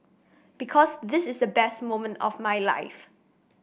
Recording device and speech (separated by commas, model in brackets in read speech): boundary microphone (BM630), read sentence